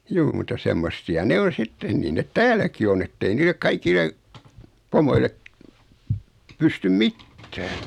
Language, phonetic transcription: Finnish, 'juu muta 'semmossi₍a 'ne on̬ 'sittee niin 'net 'tääl̆läki on ‿ettei niilek 'kaikille , pomoile , 'pystym "mittää .
- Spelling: juu mutta semmoisia ne on sitten niin ne täälläkin on että ei niille kaikille pomoille pysty mitään

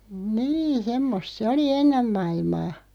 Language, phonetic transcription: Finnish, 'nii , 'semmost se oli "ennem 'ma₍ilmaa .
- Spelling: niin semmoista se oli ennen maailmaa

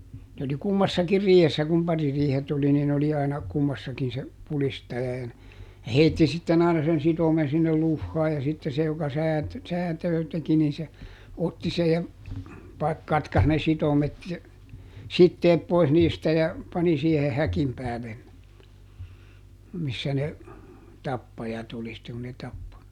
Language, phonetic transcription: Finnish, nᵉ ‿oli "kummassakir ˈriihessä kum ˈpaririihet oli nin ‿oli aina , ˈkummassakin se , ˈpulistaja ja n- , ja ˈheitti sitten ˈaina sen ˈsitomen̬ sinnel ˈluhhaa ja sitte ˈse joka ˈsäät- , "säätöö teki nin se , ˈotti sej ja , pa- , ˈkatkas ne ˈsitomet ja , "sitteep ˈpois niistä ja , ˈpani siehe "häkim päälen ne , ˈmissä ne , "tappajat ‿oli sitteŋ ku ne ˈtappo .
- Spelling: ne oli kummassakin riihessä kun paririihet oli niin oli aina kummassakin se pudistaja ja - ja heitti sitten aina sen sitomen sinne luhaan ja sitten se joka - säätöä teki niin se otti sen ja - katkaisi ne sitomet ja siteet pois niistä ja pani siihen häkin päälle ne missä ne tappajat oli sitten kun ne tappoi

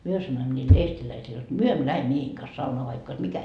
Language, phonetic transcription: Finnish, 'myö sanoimᵐᵒ ńiil 'eestiläisil jot » "myö emmö 'lähe "miehiiŋ kas saunoa vaikk ‿ois 'mikä .
- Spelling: me sanoimme niille eestiläisille jotta me emme lähde miesten kanssa saunaan vaikka olisi mikä

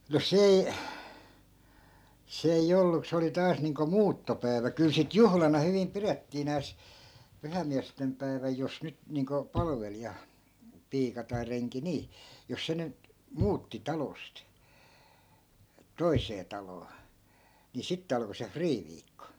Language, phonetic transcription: Finnish, no's ‿ei , 'se ei'j ‿ollu (ku) 'se oli 'taas niiŋko "muuttopäi̮vä kyl sit 'juhlana hyvim 'pirettii nääs , 'pyhäⁱmmiästem päi̮väj jos 'nyt niiŋko , 'palᵃvelija , 'piika tai 'reŋki 'nii , jos 'se nyt , "muutti 'talost , "toisee 'taloo , ni 'sitte alko se "friiviikko .
- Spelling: no se ei se ei ollut kun se oli taas niin kuin muuttopäivä kyllä sitten juhlana hyvin pidettiin nääs pyhäinmiesten päivä jos nyt niin kuin palvelija piika tai renki niin jos se nyt muutti talosta toiseen taloon niin sitten alkoi se friiviikko

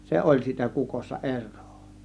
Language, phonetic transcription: Finnish, se oĺ (siitä) 'kukossa "er̆rOO .
- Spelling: se oli siitä kukossa eroa

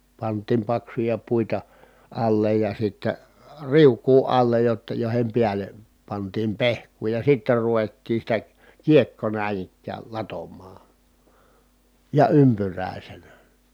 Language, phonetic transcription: Finnish, pant̆tiim paksuja puita , allej ja sittä , riuk̀uu allej jotta jòi̮hem piäl̆le , pantiim pehk̀uu ja sitter ruvettii sitä , kiekko nä̀in ‿ik̆kääl latommaa , ja ympyr̀ä̀isenä .
- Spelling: pantiin paksuja puita alle ja sitten riukua alle jotta joiden päälle pantiin pehkua ja sitten ruvettiin sitä kiekkoa näin ikään latomaan ja ympyräisenä

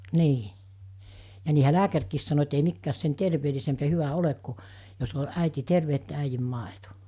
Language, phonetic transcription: Finnish, 'nii , ja niihä 'lääkärkiis sano et ei 'mikkääs sen 'terveelisemp ja 'hyvä 'olek ku , jos o 'ä̀iti 'terve että 'äijim 'màeto .
- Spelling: niin ja niinhän lääkärikin sanoi että ei mikään sen terveellisempi ja hyvä ole kuin jos on äiti terve että äidin maito

